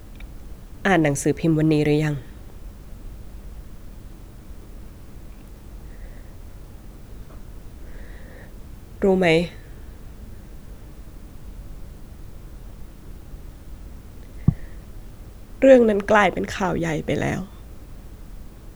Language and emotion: Thai, sad